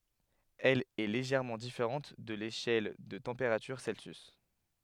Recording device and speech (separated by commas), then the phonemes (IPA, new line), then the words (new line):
headset microphone, read sentence
ɛl ɛ leʒɛʁmɑ̃ difeʁɑ̃t də leʃɛl də tɑ̃peʁatyʁ sɛlsjys
Elle est légèrement différente de l'échelle de température Celsius.